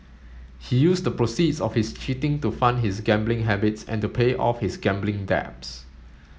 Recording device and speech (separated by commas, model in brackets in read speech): mobile phone (Samsung S8), read sentence